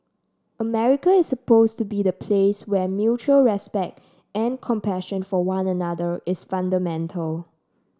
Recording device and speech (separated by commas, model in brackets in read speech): standing microphone (AKG C214), read sentence